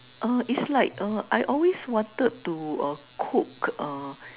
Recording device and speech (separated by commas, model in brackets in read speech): telephone, conversation in separate rooms